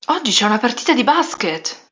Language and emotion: Italian, surprised